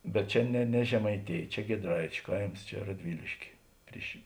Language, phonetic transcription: Lithuanian, bet ˈčia ne ne žemaiˈtėj ˈčia giedˈraičiu ˈkaims ˈčia radˈviliškė ˈpriš

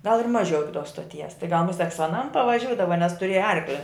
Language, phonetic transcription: Lithuanian, gal ir ˈmaˌžiau ˈiki tos stoˈties tai gal muˈsek su aˈnam pavaˈžiūdava nes tuˈrėja ˈarkli

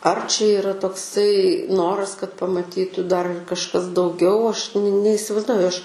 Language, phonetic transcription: Lithuanian, ar čia yˈra tokˈsai ˈnoras kad pamaˈtytu dar ir kažˈkas dauˈgiau ˈaš neisiˈvaizduoju ˈaš

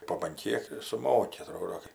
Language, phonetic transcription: Lithuanian, po ban ˈkiek suˈmoki aˈtrodo kai

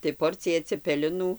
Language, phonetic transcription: Lithuanian, tai ˈporcija cepeliˈnų

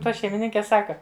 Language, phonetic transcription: Lithuanian, ˈta šeimiˈninke ˈsaka

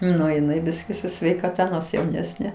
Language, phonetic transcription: Lithuanian, ˈnu jiˈnai ˈbiski su sveikaˈta ˈnors jauˈnesnė

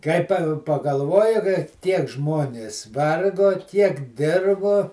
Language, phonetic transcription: Lithuanian, ˈkai pa pagalˈvoji kai ˈtiek ˈžmonės ˈvargo ˈtiek ˈdirbo

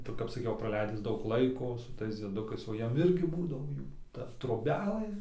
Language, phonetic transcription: Lithuanian, tai kap saˈkiau praˈleidis ˈdaug ˈlaiko su ˈtais dzieˈdukais o ˈjiem ˈirgi ˈbūdavo ˈjų ˈta trobeˈlɘ

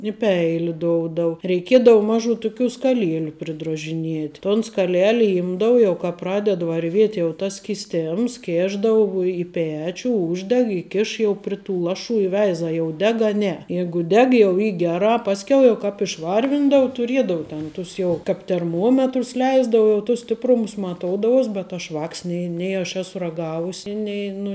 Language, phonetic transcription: Lithuanian, i ˈpeili ˈdoudau reiˈkiedau ˈmažu tuˈkių skaˈlieliu pridrožiˈniet' ton skaˈleli ˈimdavu jau ka ˈpraded varˈviet' jau ˈtas skiˈstėms ˈkėšdavu i ˈpečiu ˈūždeg i ˈkiš jau pri tu ˈlaˌšų i ˈveiza jau ˈdeg a ˈne ˈjeigu ˈdeg jau ˈy ˈgeˌrā pasˈkiau jau ˈkāp išˈvarvindau tuˈriedau ten ˈtus jau kap terˈmuometrus ˈleisdau jau ˈtus stipˈrumus maˈtoudavous bet ˈaš ˈvāks ˈnei nei aš ˈesu raˈgavusi ˈnei nu

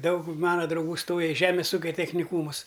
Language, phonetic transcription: Lithuanian, ˈdaug ˈmana drauˈgų ˈstoja i ˈžemės ˈūkia techniˈkūmus

